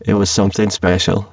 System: VC, spectral filtering